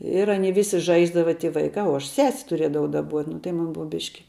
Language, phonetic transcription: Lithuanian, ir ˈanie ˈvisi ˈžaisdava ti ˈvaikā uo aš ˈses' tuˈriedavau daˈbuot' nu tai ˈmun ˈbuva ˈbiški

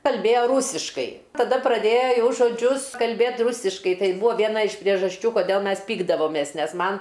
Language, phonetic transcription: Lithuanian, kalˈbėjo ˈrūsiškai taˈda praˈdėja ˈjau žoˈdžius kalˈbėt ˈrusiškai ˈtai ˈbuvo vieˈna iš priežasˈčių koˈdėl ˈmes ˈpykdavomės ˈnes ˈman

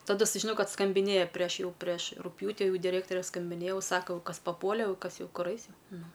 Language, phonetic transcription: Lithuanian, taˈdu sužiˈnojau ˈkad skambiˈnėja prieš ˈjau prieš rugˈpjūti ˈjau diˈrėktore skambinėja ˈjau ˈsako jau ˈkas paˈpuole jau ˈkas ˈjau ˈkur ˈais ˈjau ˈnu

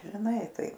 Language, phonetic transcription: Lithuanian, žiˈnai ˈtai

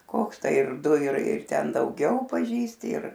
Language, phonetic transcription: Lithuanian, ˈkoks ˈtai ir ˈdu ir ir ˈten dauˈgiau paˈžįsti ir

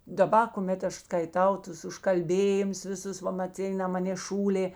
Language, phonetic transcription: Lithuanian, daˈba kuˈmėt ˈaš skaiˈtau ˈtus užkalˈbėjimus viˈsus ˈva maˈcina ˈmanė ˈšūlė

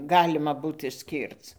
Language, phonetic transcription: Lithuanian, ˈgalima ˈbūt išˈskyrc

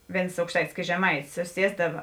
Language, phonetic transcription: Lithuanian, ˈvėns aukšˈtaitis ˈkėts žeˈmaitis suˈsiesdava

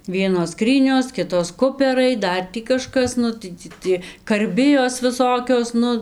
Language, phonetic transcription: Lithuanian, ˈvienos ˈskrynios ˈkitos ˈkuperai ˈdar tį kaˈžkas ˈnu tai tį ˈtie karˈbijos viˈsokios ˈnu

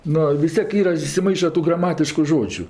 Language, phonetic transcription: Lithuanian, ˈno vis ˈtiek ˈyra isiˈmaiša ˈtų graˈmatišku žodžiu

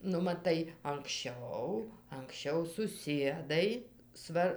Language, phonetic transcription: Lithuanian, nu maˈtai anksˈčiau anksˈčiau suˈsiedai ˈsvar

